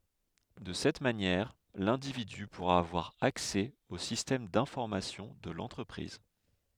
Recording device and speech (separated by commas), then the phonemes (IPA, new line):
headset microphone, read sentence
də sɛt manjɛʁ lɛ̃dividy puʁa avwaʁ aksɛ o sistɛm dɛ̃fɔʁmasjɔ̃ də lɑ̃tʁəpʁiz